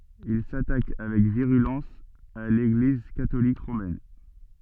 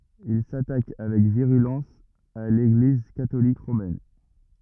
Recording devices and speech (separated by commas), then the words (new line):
soft in-ear microphone, rigid in-ear microphone, read sentence
Il s'attaque avec virulence à l'Église catholique romaine.